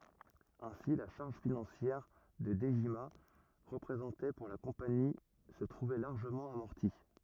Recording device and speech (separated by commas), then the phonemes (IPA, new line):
rigid in-ear microphone, read sentence
ɛ̃si la ʃaʁʒ finɑ̃sjɛʁ kə dəʒima ʁəpʁezɑ̃tɛ puʁ la kɔ̃pani sə tʁuvɛ laʁʒəmɑ̃ amɔʁti